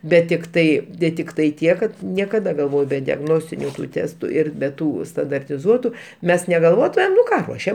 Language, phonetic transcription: Lithuanian, ˈbet tikˈtai de tikˈtai ˈtiek kad niekaˈda galˈvoj be diagˈnostiniu ˈtestu ˈir be ˈtų standartiˈzuotu ˈmes neveˈluotumėm nu ˈką ˈruošiam

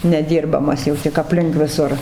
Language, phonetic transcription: Lithuanian, neˈdyrbamas jau tik apˈlink viˈsur

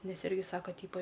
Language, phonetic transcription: Lithuanian, ˈnes ˈirgi ˈsaka ˈtypa

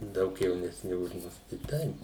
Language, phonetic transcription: Lithuanian, ˈdaug jaunesˈni už ˈmus tai ˈtaip

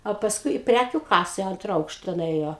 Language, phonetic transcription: Lithuanian, o pasˈkui i ˈprækiu ˈkasa i ˈantra ˈaukšta nuˈėjo

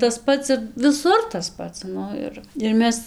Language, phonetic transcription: Lithuanian, tas ˈpats ir viˈsur tas ˈpats ˈnu ir ir ˈmes

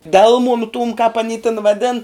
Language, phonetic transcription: Lithuanian, ˈdelmunu tūm kāp aˈny tin vaˈdin

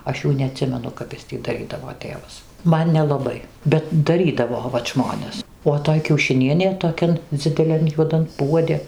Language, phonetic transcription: Lithuanian, ˈaš ˈjų neaˈtsimenu kap ˈis tį daˈrydavo ˈtėvas ˈman nelaˈbai bet daˈrydavo vat ˈžmones o ˈtoj kiaušiˈnienė toˈkian dzideˈlian juoˈdan ˈpuodi

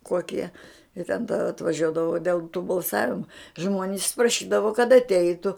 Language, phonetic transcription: Lithuanian, ˈkokie i ten ta atvaˈžiuodavo dėl tų balˈsavimu ˈžmonis praˈšydavo kad atˈeitu

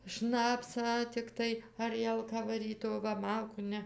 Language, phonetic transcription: Lithuanian, ˈšnapsą tikˈtai aˈrielką vaˈryt o ˈva ˈmalkų ˈne

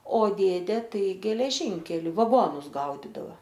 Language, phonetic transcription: Lithuanian, o ˈdėdė ˈtai geleˈžinkeli vaˈgonus ˈgaudidava

